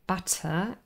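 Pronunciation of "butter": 'butter' has a British English pronunciation, with a full t sound, a plosive, in the middle.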